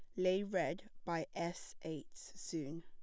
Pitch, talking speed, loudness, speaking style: 170 Hz, 135 wpm, -41 LUFS, plain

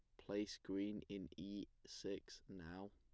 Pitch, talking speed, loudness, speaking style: 100 Hz, 130 wpm, -50 LUFS, plain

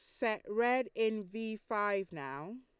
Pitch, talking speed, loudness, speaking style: 220 Hz, 150 wpm, -35 LUFS, Lombard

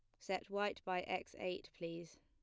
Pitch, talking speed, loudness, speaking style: 180 Hz, 180 wpm, -43 LUFS, plain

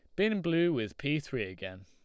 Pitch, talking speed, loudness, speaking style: 140 Hz, 220 wpm, -31 LUFS, Lombard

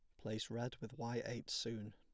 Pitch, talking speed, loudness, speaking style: 115 Hz, 205 wpm, -44 LUFS, plain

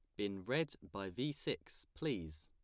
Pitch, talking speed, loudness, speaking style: 100 Hz, 160 wpm, -42 LUFS, plain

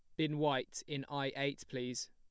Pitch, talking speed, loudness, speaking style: 140 Hz, 190 wpm, -38 LUFS, plain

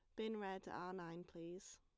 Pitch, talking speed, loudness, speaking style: 180 Hz, 230 wpm, -50 LUFS, plain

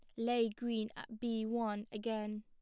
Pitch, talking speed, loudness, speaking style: 225 Hz, 160 wpm, -38 LUFS, plain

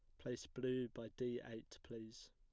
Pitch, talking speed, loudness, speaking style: 120 Hz, 170 wpm, -47 LUFS, plain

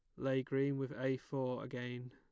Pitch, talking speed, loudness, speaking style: 130 Hz, 190 wpm, -39 LUFS, plain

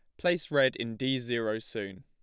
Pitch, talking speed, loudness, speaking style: 130 Hz, 195 wpm, -30 LUFS, plain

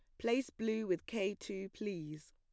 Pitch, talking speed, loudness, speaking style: 200 Hz, 170 wpm, -39 LUFS, plain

